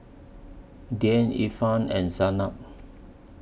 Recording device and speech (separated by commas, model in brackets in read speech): boundary microphone (BM630), read sentence